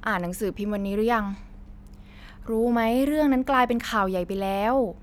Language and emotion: Thai, neutral